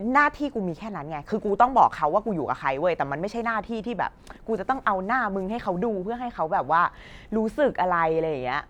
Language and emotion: Thai, frustrated